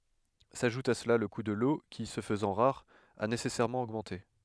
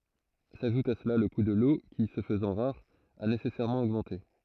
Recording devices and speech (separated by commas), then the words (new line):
headset microphone, throat microphone, read sentence
S’ajoute à cela le coût de l’eau qui, se faisant rare, a nécessairement augmenté.